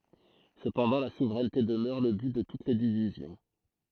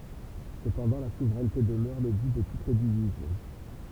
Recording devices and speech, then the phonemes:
throat microphone, temple vibration pickup, read sentence
səpɑ̃dɑ̃ la suvʁɛnte dəmœʁ lə byt də tut le divizjɔ̃

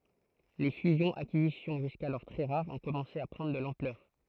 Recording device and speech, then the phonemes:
throat microphone, read sentence
le fyzjɔ̃z akizisjɔ̃ ʒyskalɔʁ tʁɛ ʁaʁz ɔ̃ kɔmɑ̃se a pʁɑ̃dʁ də lɑ̃plœʁ

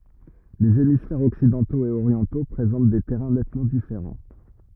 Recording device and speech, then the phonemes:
rigid in-ear microphone, read sentence
lez emisfɛʁz ɔksidɑ̃toz e oʁjɑ̃to pʁezɑ̃t de tɛʁɛ̃ nɛtmɑ̃ difeʁɑ̃

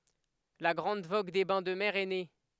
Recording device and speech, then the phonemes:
headset microphone, read sentence
la ɡʁɑ̃d voɡ de bɛ̃ də mɛʁ ɛ ne

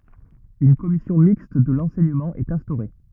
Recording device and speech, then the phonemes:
rigid in-ear microphone, read sentence
yn kɔmisjɔ̃ mikst də lɑ̃sɛɲəmɑ̃ ɛt ɛ̃stoʁe

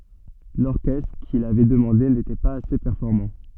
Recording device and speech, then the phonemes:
soft in-ear microphone, read sentence
lɔʁkɛstʁ kil avɛ dəmɑ̃de netɛ paz ase pɛʁfɔʁmɑ̃

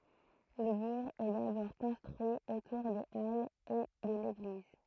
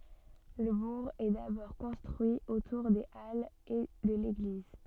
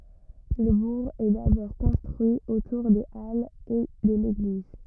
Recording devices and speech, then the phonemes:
throat microphone, soft in-ear microphone, rigid in-ear microphone, read sentence
lə buʁ ɛ dabɔʁ kɔ̃stʁyi otuʁ de alz e də leɡliz

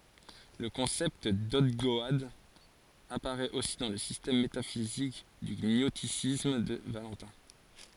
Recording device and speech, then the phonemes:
forehead accelerometer, read sentence
lə kɔ̃sɛpt dɔɡdɔad apaʁɛt osi dɑ̃ lə sistɛm metafizik dy ɲɔstisism də valɑ̃tɛ̃

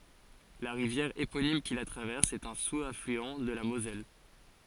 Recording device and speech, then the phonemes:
forehead accelerometer, read sentence
la ʁivjɛʁ eponim ki la tʁavɛʁs ɛt œ̃ suzaflyɑ̃ də la mozɛl

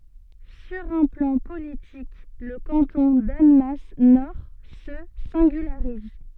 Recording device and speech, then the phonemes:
soft in-ear microphone, read sentence
syʁ œ̃ plɑ̃ politik lə kɑ̃tɔ̃ danmas nɔʁ sə sɛ̃ɡylaʁiz

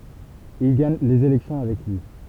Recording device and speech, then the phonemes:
temple vibration pickup, read sentence
il ɡaɲ lez elɛksjɔ̃ avɛk lyi

